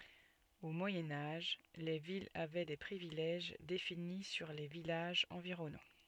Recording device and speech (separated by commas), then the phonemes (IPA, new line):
soft in-ear microphone, read sentence
o mwajɛ̃ aʒ le vilz avɛ de pʁivilɛʒ defini syʁ le vilaʒz ɑ̃viʁɔnɑ̃